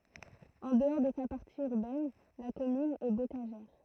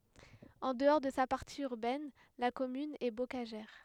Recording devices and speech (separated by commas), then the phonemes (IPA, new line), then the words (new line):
throat microphone, headset microphone, read sentence
ɑ̃ dəɔʁ də sa paʁti yʁbɛn la kɔmyn ɛ bokaʒɛʁ
En dehors de sa partie urbaine, la commune est bocagère.